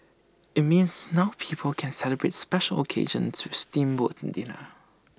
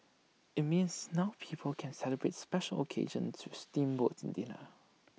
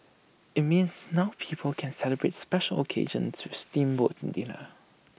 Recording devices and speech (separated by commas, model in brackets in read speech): standing microphone (AKG C214), mobile phone (iPhone 6), boundary microphone (BM630), read sentence